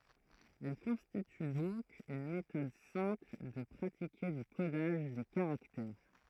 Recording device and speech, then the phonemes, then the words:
throat microphone, read sentence
ɛl kɔ̃stity dɔ̃k yn metɔd sɛ̃pl də pʁatike dy kodaʒ de kaʁaktɛʁ
Elle constitue donc une méthode simple de pratiquer du codage des caractères.

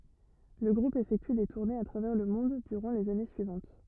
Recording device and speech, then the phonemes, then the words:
rigid in-ear microphone, read sentence
lə ɡʁup efɛkty de tuʁnez a tʁavɛʁ lə mɔ̃d dyʁɑ̃ lez ane syivɑ̃t
Le groupe effectue des tournées à travers le monde durant les années suivantes.

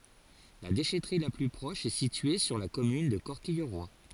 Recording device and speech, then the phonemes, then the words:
forehead accelerometer, read sentence
la deʃɛtʁi la ply pʁɔʃ ɛ sitye syʁ la kɔmyn də kɔʁkijʁwa
La déchèterie la plus proche est située sur la commune de Corquilleroy.

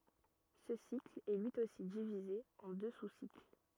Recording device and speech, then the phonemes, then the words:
rigid in-ear microphone, read sentence
sə sikl ɛ lyi osi divize ɑ̃ dø susikl
Ce cycle est lui aussi divisé en deux sous-cycles.

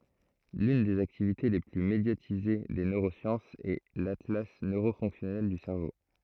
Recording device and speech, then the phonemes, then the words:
throat microphone, read sentence
lyn dez aktivite le ply medjatize de nøʁosjɑ̃sz ɛ latla nøʁo fɔ̃ksjɔnɛl dy sɛʁvo
L'une des activités les plus médiatisées des neurosciences est l'atlas neuro-fonctionnel du cerveau.

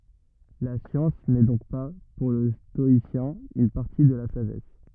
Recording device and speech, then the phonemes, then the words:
rigid in-ear microphone, read sentence
la sjɑ̃s nɛ dɔ̃k pa puʁ lə stɔisjɛ̃ yn paʁti də la saʒɛs
La science n'est donc pas, pour le stoïcien, une partie de la sagesse.

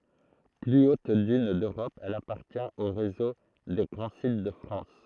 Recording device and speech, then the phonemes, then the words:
throat microphone, read sentence
ply ot dyn døʁɔp ɛl apaʁtjɛ̃t o ʁezo de ɡʁɑ̃ sit də fʁɑ̃s
Plus haute dune d'Europe, elle appartient au réseau des grands sites de France.

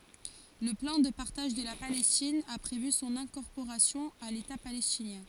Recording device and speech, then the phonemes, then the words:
forehead accelerometer, read sentence
lə plɑ̃ də paʁtaʒ də la palɛstin a pʁevy sɔ̃n ɛ̃kɔʁpoʁasjɔ̃ a leta palɛstinjɛ̃
Le plan de partage de la Palestine a prévu son incorporation à l'État palestinien.

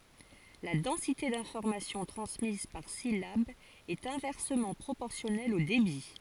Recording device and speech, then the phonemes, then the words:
forehead accelerometer, read sentence
la dɑ̃site dɛ̃fɔʁmasjɔ̃ tʁɑ̃smiz paʁ silab ɛt ɛ̃vɛʁsəmɑ̃ pʁopɔʁsjɔnɛl o debi
La densité d'information transmise par syllabe est inversement proportionnelle au débit.

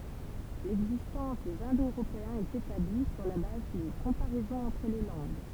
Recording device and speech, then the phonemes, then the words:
temple vibration pickup, read sentence
lɛɡzistɑ̃s dez ɛ̃do øʁopeɛ̃z ɛt etabli syʁ la baz dyn kɔ̃paʁɛzɔ̃ ɑ̃tʁ le lɑ̃ɡ
L'existence des Indo-Européens est établie sur la base d'une comparaison entre les langues.

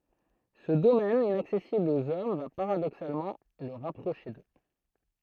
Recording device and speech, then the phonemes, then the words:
throat microphone, read sentence
sə domɛn inaksɛsibl oz ɔm va paʁadoksalmɑ̃ lə ʁapʁoʃe dø
Ce domaine inaccessible aux hommes va paradoxalement le rapprocher d’eux.

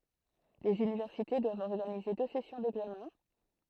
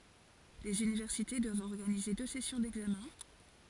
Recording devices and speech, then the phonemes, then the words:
throat microphone, forehead accelerometer, read sentence
lez ynivɛʁsite dwavt ɔʁɡanize dø sɛsjɔ̃ dɛɡzamɛ̃
Les universités doivent organiser deux sessions d’examens.

